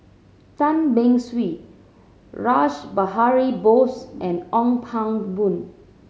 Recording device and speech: mobile phone (Samsung C7100), read sentence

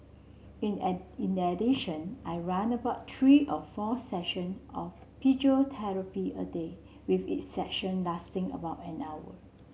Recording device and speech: mobile phone (Samsung C7), read sentence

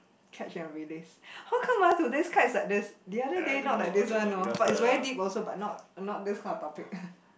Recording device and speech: boundary microphone, conversation in the same room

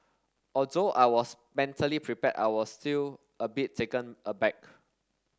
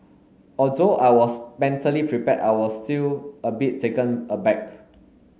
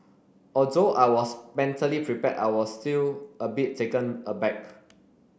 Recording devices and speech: standing microphone (AKG C214), mobile phone (Samsung S8), boundary microphone (BM630), read sentence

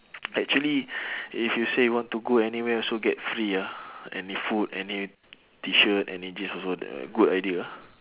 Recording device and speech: telephone, conversation in separate rooms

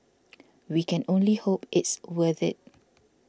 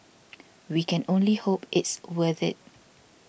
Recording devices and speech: standing microphone (AKG C214), boundary microphone (BM630), read sentence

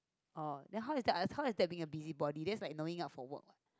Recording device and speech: close-talking microphone, conversation in the same room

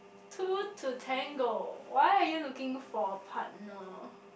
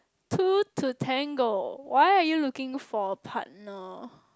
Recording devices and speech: boundary microphone, close-talking microphone, conversation in the same room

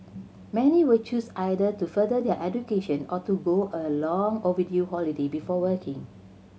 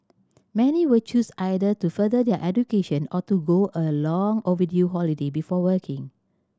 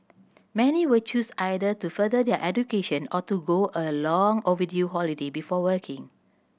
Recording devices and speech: mobile phone (Samsung C7100), standing microphone (AKG C214), boundary microphone (BM630), read sentence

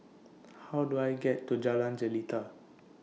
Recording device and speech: mobile phone (iPhone 6), read sentence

